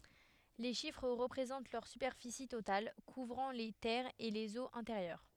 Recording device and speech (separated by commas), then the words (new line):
headset microphone, read sentence
Les chiffres représentent leur superficie totale, couvrant les terres et les eaux intérieures.